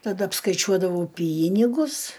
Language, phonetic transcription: Lithuanian, taˈda apskaiˈčiuodavau ˈpynigus

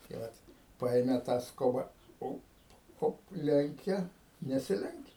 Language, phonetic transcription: Lithuanian, tai ˈvat ˈpaėme tą ˈskoba ˈop ˈop ˈlenkia nesiˈlenkia

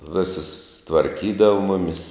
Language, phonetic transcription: Lithuanian, ˈvisus tvarˈkydava ˈmumis

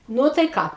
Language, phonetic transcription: Lithuanian, ˈnu tai ˈką

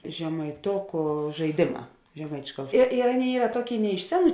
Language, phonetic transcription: Lithuanian, žemaiˈtoku žaiˈdėˌmā žeˈmaičiu ir ir ˈaˌnėi ˈyra ˈtuoˌkėi ne iš ˈseˌnų

